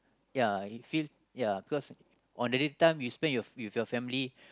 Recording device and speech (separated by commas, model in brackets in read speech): close-talking microphone, conversation in the same room